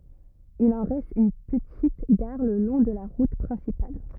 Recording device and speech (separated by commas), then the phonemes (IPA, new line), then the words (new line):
rigid in-ear microphone, read sentence
il ɑ̃ ʁɛst yn pətit ɡaʁ lə lɔ̃ də la ʁut pʁɛ̃sipal
Il en reste une petite gare le long de la route principale.